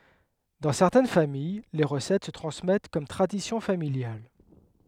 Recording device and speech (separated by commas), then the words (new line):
headset microphone, read sentence
Dans certaines familles, les recettes se transmettent comme tradition familiale.